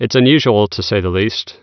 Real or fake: real